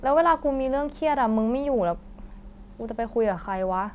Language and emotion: Thai, frustrated